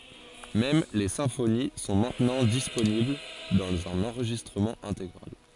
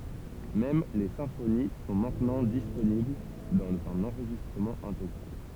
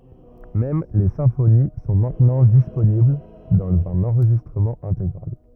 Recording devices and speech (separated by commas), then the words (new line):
forehead accelerometer, temple vibration pickup, rigid in-ear microphone, read sentence
Même les symphonies sont maintenant disponibles dans un enregistrement intégral.